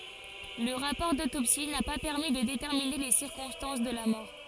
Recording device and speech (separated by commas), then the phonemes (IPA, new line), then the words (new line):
forehead accelerometer, read sentence
lə ʁapɔʁ dotopsi na pa pɛʁmi də detɛʁmine le siʁkɔ̃stɑ̃s də la mɔʁ
Le rapport d'autopsie n'a pas permis de déterminer les circonstances de la mort.